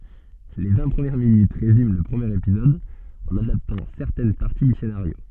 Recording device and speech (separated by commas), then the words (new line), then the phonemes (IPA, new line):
soft in-ear microphone, read sentence
Les vingt premières minutes résument le premier épisode en adaptant certaines parties du scénario.
le vɛ̃ pʁəmjɛʁ minyt ʁezym lə pʁəmjeʁ epizɔd ɑ̃n adaptɑ̃ sɛʁtɛn paʁti dy senaʁjo